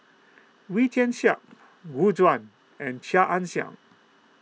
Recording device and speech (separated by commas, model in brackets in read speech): mobile phone (iPhone 6), read sentence